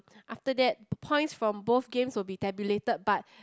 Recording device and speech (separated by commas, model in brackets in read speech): close-talking microphone, conversation in the same room